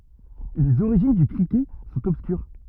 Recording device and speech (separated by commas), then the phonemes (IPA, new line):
rigid in-ear microphone, read sentence
lez oʁiʒin dy kʁikɛt sɔ̃t ɔbskyʁ